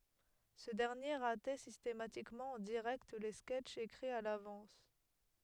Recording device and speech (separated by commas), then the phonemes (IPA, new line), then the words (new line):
headset microphone, read sentence
sə dɛʁnje ʁatɛ sistematikmɑ̃ ɑ̃ diʁɛkt le skɛtʃz ekʁiz a lavɑ̃s
Ce dernier ratait systématiquement en direct les sketches écrits à l'avance.